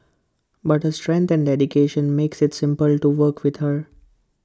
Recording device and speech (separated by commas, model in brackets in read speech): close-talking microphone (WH20), read sentence